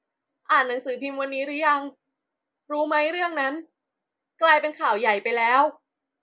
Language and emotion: Thai, sad